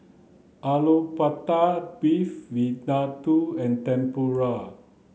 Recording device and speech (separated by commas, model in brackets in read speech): mobile phone (Samsung C9), read sentence